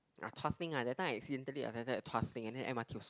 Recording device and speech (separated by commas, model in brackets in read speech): close-talking microphone, conversation in the same room